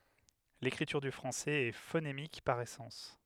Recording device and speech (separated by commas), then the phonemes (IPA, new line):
headset microphone, read sentence
lekʁityʁ dy fʁɑ̃sɛz ɛ fonemik paʁ esɑ̃s